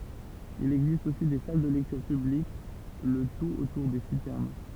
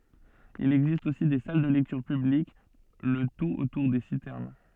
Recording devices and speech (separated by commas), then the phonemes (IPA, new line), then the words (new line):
temple vibration pickup, soft in-ear microphone, read sentence
il ɛɡzist osi de sal də lɛktyʁ pyblik lə tut otuʁ de sitɛʁn
Il existe aussi des salles de lectures publiques, le tout autour des citernes.